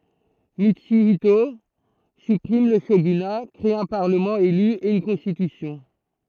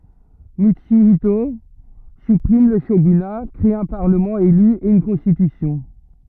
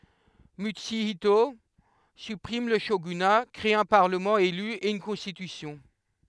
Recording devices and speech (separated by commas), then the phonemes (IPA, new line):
throat microphone, rigid in-ear microphone, headset microphone, read sentence
mytsyito sypʁim lə ʃoɡyna kʁe œ̃ paʁləmɑ̃ ely e yn kɔ̃stitysjɔ̃